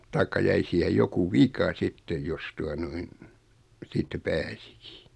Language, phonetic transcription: Finnish, taikka 'jäi siihej 'joku "vika 'sittej jos 'tua noin , 'siittä "pääsɪkɪ .
- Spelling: tai jäi siihen joku vika sitten jos tuota noin siitä pääsikin

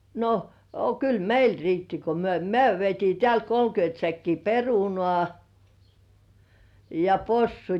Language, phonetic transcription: Finnish, no , a kyl "meil 'riitti ko myö , 'myö vietii 'teält "kolkyönt säkkii "perunŏà , ja "possut .
- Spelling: no a kyllä meille riitti kun me me vietiin täältä kolmekymmentä säkkiä perunaa ja possut

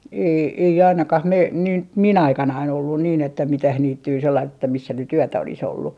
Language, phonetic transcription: Finnish, ei , ei 'ainakah 'mei- , nin t- , "mi'n ‿aikanain ollun niin ‿että 'mitäh 'niittyy sellaist että 'missä nyt "yötä olis ‿ollu .
- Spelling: ei ei ainakaan - niin - minun aikanani ollut niin että mitään niittyä sellaista että missä nyt yötä olisi ollut

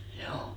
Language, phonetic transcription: Finnish, hjouu .
- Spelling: juu

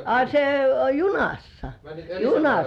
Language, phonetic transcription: Finnish, a se (oĺ) "junassa , "junassa .
- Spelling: a se oli junassa junassa

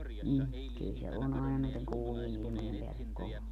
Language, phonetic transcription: Finnish, 'ni , kyl se 'on àena näiteŋ 'kuumie'n ‿ilⁱmojem peällek 'kova .
- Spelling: niin kyllä se on aina näiden kuumien ilmojen päälle kova

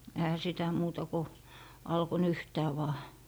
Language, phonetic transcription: Finnish, ehä sitä 'muuta ko , 'alko "nyhtää vaa .
- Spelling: eihän sitä muuta kuin alkoi nyhtää vain

